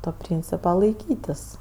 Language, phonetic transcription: Lithuanian, to ˈpryncipa laiˈkytis

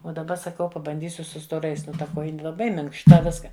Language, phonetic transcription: Lithuanian, o daˈba saˈkau pabanˈdysiu su stoˈrais ˈnu ta ˈkojini laˈbai minkšˈta ˈviska

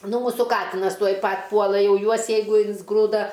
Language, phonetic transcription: Lithuanian, ˈnu ˈmūsų ˈkatinas ˈtuoj ˈpat' ˈpuola ˈjau ˈjuos jeiˈgu insˈgrūda

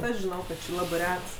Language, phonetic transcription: Lithuanian, ˈaš žiˈnau ˈkad ˈči ˈlabɜ ˈrets

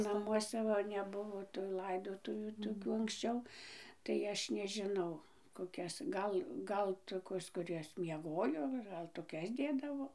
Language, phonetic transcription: Lithuanian, naˈmuose ˈva neˈbuvo tu laiˈdotuvių toˈkių anksˈčiau tai ˈaš nežiˈnau koˈkias ˈgal ˈgal ˈtokios kuˈrias mieˈgojo gal toˈkias ˈdėdavo

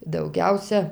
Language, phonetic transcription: Lithuanian, dauˈgiausia

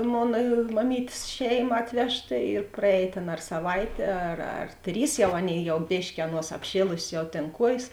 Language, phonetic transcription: Lithuanian, ˈmona maˈmytės ˈšeiˌma ˈatvežˌta ir praˈēj ˈtėn ar saˈvaitė ar ar ˈtrys ˈjau ˈaˌnėi ˈjau ˈbėški ˈaˌnuos apˈšėlusės jau tėn ˈkuojės

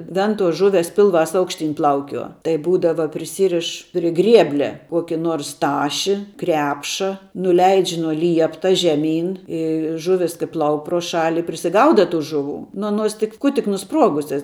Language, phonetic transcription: Lithuanian, ˈventuos ˈžuves ˈpilˌvās ˈaukšˌtyn ˈplaukiuo tai ˈbūdava priˈsyriš pri ˈgrieblia ˈkuoki ˈnuors ˈtaši ˈkrepša nuˈleidž' nuo ˈliepta žeˈmyn ˈi ˈžuvis kai ˈplauk pro ˈšali prisiˈgauda ˈtų žuˈvų nu aˈnuos tik ˈku tik nuˈspruogusias

